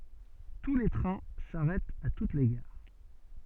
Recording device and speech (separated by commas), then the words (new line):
soft in-ear microphone, read sentence
Tous les trains s'arrêtent à toutes les gares.